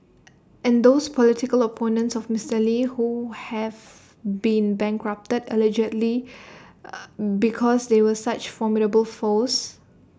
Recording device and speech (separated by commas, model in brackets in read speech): standing microphone (AKG C214), read sentence